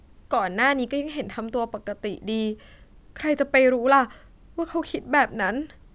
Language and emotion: Thai, sad